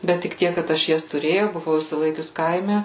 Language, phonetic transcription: Lithuanian, bet tik ˈtiek kad ˈaš ˈjas tuˈrėjau buˈvau išsiˈlaikius ˈkaime

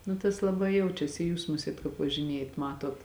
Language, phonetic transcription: Lithuanian, nu tas laˈbai ˈjaučiasi i ˈjūs ˈmusiet kāp važiˈnėjat ˈmatot

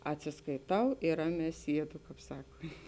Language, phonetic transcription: Lithuanian, atsiskaiˈtau ir ˈraˌmē ˈsiedu ˈkāp ˈsakont'

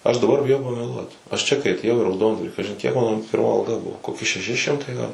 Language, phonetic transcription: Lithuanian, ˈaš daˈbar biˈjau pameˈluot aš ˈčia kai atėˈjau į rauˈdondvarį ˈkažin kiek ˈmano pirˈma alˈga ˈbuvo koˈki šeˈši ˈšimtai gal

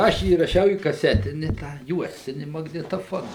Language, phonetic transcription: Lithuanian, ˈaš įraˈšiau į kaˈsetini tą ˈjuostini magnitoˈfona

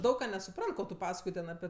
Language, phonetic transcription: Lithuanian, ˈdaug ką nesuˈprant ˈko tu ˈpaskoj ˈten aˈpi

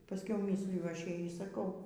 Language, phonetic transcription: Lithuanian, paˈskiau ˈmysliju ˈaš ˈjai y saˈkau

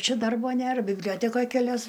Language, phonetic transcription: Lithuanian, ˈčia ˈdarbo ˈnėr bibˈliotekoj keˈlias

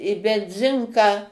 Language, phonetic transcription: Lithuanian, i benˈzinką

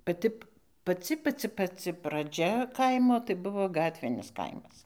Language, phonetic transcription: Lithuanian, paˈti paˈci paˈci paˈci praˈdžia ˈkaimo tai ˈbuvo ˈgatvinis ˈkaimas

